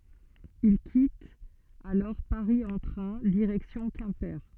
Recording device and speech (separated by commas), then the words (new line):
soft in-ear microphone, read sentence
Ils quittent alors Paris en train, direction Quimper.